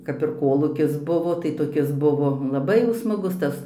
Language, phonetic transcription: Lithuanian, kap ir ˈkolūkis ˈbuvo tai toˈkis ˈbuvo laˈbai jau smaˈgus ˈtas

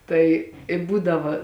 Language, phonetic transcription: Lithuanian, ˈtai i ˈbūdava

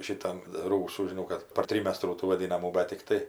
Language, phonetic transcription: Lithuanian, ˈšitam ˈrūsų žiˈnau kad par ˈtrymestrų tų vaˈdinamų ˈbe tikˈtai

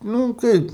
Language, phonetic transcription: Lithuanian, ˈnū ˈkaip

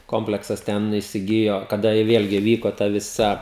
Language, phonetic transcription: Lithuanian, ˈkompleksas ˈten įsiˈgijo kaˈda i ˈvėlgi ˈvyko ˈta viˈsa

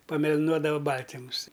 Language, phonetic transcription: Lithuanian, pameliˈnuodava ˈbaltimus

